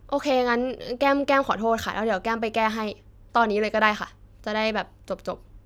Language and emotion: Thai, frustrated